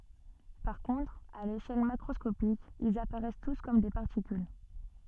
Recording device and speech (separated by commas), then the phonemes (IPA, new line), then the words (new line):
soft in-ear microphone, read sentence
paʁ kɔ̃tʁ a leʃɛl makʁɔskopik ilz apaʁɛs tus kɔm de paʁtikyl
Par contre, à l'échelle macroscopique, ils apparaissent tous comme des particules.